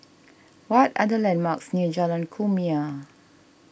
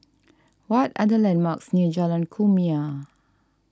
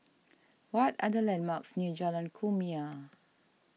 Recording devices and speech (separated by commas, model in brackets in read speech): boundary microphone (BM630), standing microphone (AKG C214), mobile phone (iPhone 6), read sentence